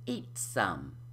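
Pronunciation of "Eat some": In 'Eat some', the t at the end of 'eat' is unaspirated: no air is released on it.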